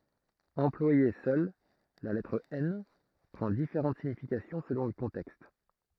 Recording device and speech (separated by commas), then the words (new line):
throat microphone, read sentence
Employée seule, la lettre N prend différentes significations selon le contexte.